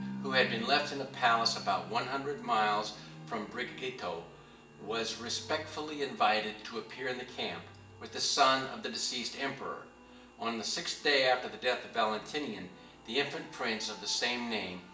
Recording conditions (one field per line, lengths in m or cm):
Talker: one person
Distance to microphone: 1.8 m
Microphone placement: close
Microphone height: 1.0 m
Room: large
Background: music